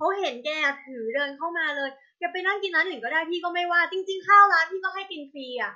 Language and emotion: Thai, frustrated